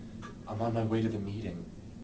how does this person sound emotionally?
neutral